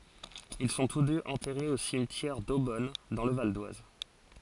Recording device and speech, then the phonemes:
forehead accelerometer, read sentence
il sɔ̃ tus døz ɑ̃tɛʁez o simtjɛʁ dobɔn dɑ̃ lə valdwaz

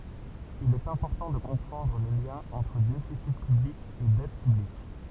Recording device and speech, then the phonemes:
temple vibration pickup, read sentence
il ɛt ɛ̃pɔʁtɑ̃ də kɔ̃pʁɑ̃dʁ lə ljɛ̃ ɑ̃tʁ defisi pyblik e dɛt pyblik

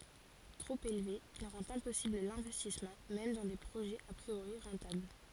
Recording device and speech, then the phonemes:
forehead accelerometer, read sentence
tʁop elve il ʁɑ̃t ɛ̃pɔsibl lɛ̃vɛstismɑ̃ mɛm dɑ̃ de pʁoʒɛz a pʁioʁi ʁɑ̃tabl

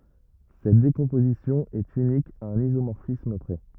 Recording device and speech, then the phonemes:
rigid in-ear microphone, read sentence
sɛt dekɔ̃pozisjɔ̃ ɛt ynik a œ̃n izomɔʁfism pʁɛ

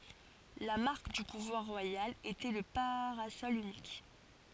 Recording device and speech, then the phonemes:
forehead accelerometer, read sentence
la maʁk dy puvwaʁ ʁwajal etɛ lə paʁasɔl ynik

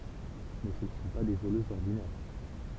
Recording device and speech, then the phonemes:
temple vibration pickup, read sentence
mɛ sə nə sɔ̃ pa de voløzz ɔʁdinɛʁ

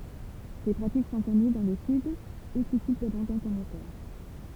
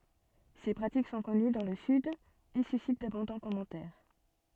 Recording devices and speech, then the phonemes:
temple vibration pickup, soft in-ear microphone, read sentence
se pʁatik sɔ̃ kɔny dɑ̃ lə syd e sysit dabɔ̃dɑ̃ kɔmɑ̃tɛʁ

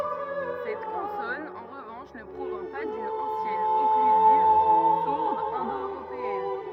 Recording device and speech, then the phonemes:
rigid in-ear microphone, read sentence
sɛt kɔ̃sɔn ɑ̃ ʁəvɑ̃ʃ nə pʁovjɛ̃ pa dyn ɑ̃sjɛn ɔklyziv suʁd ɛ̃do øʁopeɛn

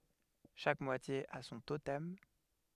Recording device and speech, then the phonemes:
headset microphone, read sentence
ʃak mwatje a sɔ̃ totɛm

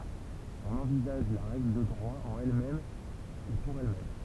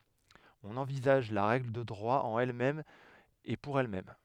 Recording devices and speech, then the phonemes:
temple vibration pickup, headset microphone, read sentence
ɔ̃n ɑ̃vizaʒ la ʁɛɡl də dʁwa ɑ̃n ɛl mɛm e puʁ ɛl mɛm

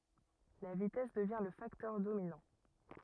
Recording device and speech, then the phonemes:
rigid in-ear microphone, read sentence
la vitɛs dəvjɛ̃ lə faktœʁ dominɑ̃

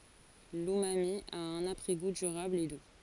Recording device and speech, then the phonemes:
forehead accelerometer, read sentence
lymami a œ̃n apʁɛ ɡu dyʁabl e du

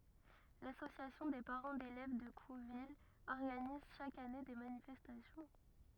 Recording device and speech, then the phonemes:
rigid in-ear microphone, read sentence
lasosjasjɔ̃ de paʁɑ̃ delɛv də kuvil ɔʁɡaniz ʃak ane de manifɛstasjɔ̃

